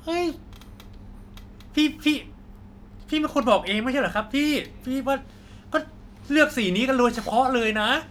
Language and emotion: Thai, frustrated